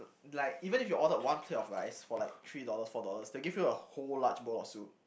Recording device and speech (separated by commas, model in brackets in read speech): boundary microphone, conversation in the same room